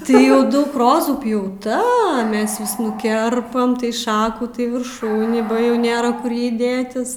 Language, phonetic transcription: Lithuanian, tai ˈjau ˈdaug ˈrozų pjauˈta ˈmes vis nuˈkerpam tai ˈšakų tai virˈšūnį ba ˈjau ˈnėra ˈkur ˈjai ˈdėtis

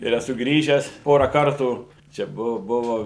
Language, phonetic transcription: Lithuanian, ir eˈsu ˈgrįžęs ˈpora ˈkartų čia ˈbuvo ˈbuvo

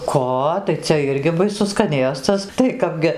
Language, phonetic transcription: Lithuanian, ˈko tai ˈcia ˈirgi baiˈsus skaˈnėstas tai ˈkapgi

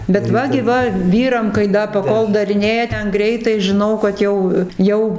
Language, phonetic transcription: Lithuanian, bet ˈva gi ˈva ˈvyram kai ˈda paˈkol dariˈnėja ˈten ˈgreitai žiˈnau kad ˈjau ˈjau

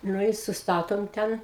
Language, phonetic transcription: Lithuanian, ˈnu i susˈtatom ˈten

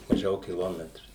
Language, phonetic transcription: Lithuanian, maˈžiau kiˈlometru

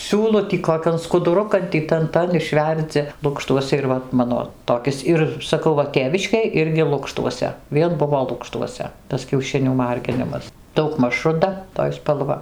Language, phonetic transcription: Lithuanian, ˈsiūlu tį koˈkian skuduˈrukan ˈtį ˈtan ˈtan išˈverdzi ˈlukštuose ir ˈva ˈmano toˈkis ˈir saˈkau ˈva ˈtėviškėj ˈirgi ˈlukštuose ˈvien ˈbuvo ˈlukštuose ˈtas kiauˈšinių ˈmarginimas daugˈmaž ruˈda toj spalˈva

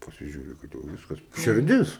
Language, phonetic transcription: Lithuanian, pasiˈžiūri ˈkad jau ˈviskas širˈdis

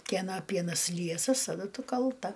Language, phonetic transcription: Lithuanian, kieˈna ˈpienas ˈliesas taˈdu ˈtu kalˈta

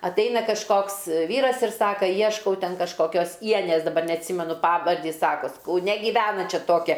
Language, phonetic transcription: Lithuanian, atˈaina kažˈkoks ˈvyras ir ˈsaka ˈjieškau ˈten kažkoˈkios ˈienės daˈbar neatˈsymenu ˈpavardį ˈjis ˈsakos kauˈne gyˈvena ˈčia ˈtokia

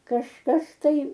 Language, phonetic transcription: Lithuanian, kažˈkas ˈtai

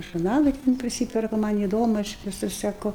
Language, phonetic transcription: Lithuanian, žurˈnalai ten priˈsyperku ˈman įˈdomu ˈaš viˈsus seˈku

